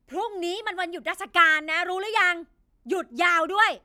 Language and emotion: Thai, angry